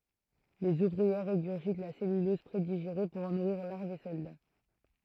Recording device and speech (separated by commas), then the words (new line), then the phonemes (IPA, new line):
throat microphone, read sentence
Les ouvrières régurgitent la cellulose prédigérée pour en nourrir larves et soldats.
lez uvʁiɛʁ ʁeɡyʁʒit la sɛlylɔz pʁediʒeʁe puʁ ɑ̃ nuʁiʁ laʁvz e sɔlda